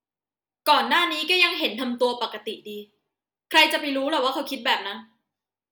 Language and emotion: Thai, frustrated